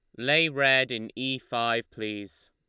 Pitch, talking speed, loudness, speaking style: 120 Hz, 155 wpm, -25 LUFS, Lombard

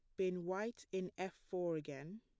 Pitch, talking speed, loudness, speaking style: 185 Hz, 180 wpm, -43 LUFS, plain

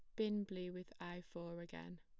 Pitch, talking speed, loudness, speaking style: 175 Hz, 200 wpm, -47 LUFS, plain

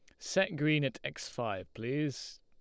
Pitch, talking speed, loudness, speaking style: 150 Hz, 165 wpm, -34 LUFS, Lombard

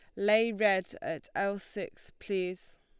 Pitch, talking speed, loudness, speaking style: 200 Hz, 140 wpm, -31 LUFS, Lombard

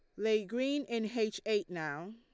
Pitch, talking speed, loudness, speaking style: 220 Hz, 185 wpm, -35 LUFS, Lombard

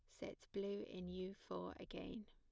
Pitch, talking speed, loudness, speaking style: 200 Hz, 170 wpm, -50 LUFS, plain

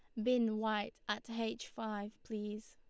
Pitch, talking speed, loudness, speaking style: 220 Hz, 150 wpm, -39 LUFS, Lombard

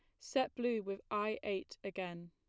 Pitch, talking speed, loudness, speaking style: 205 Hz, 170 wpm, -39 LUFS, plain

